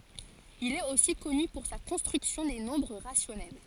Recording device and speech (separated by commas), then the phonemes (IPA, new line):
forehead accelerometer, read sentence
il ɛt osi kɔny puʁ sa kɔ̃stʁyksjɔ̃ de nɔ̃bʁ ʁasjɔnɛl